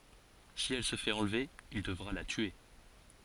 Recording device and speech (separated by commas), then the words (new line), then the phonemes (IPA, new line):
forehead accelerometer, read sentence
Si elle se fait enlever, il devra la tuer.
si ɛl sə fɛt ɑ̃lve il dəvʁa la tye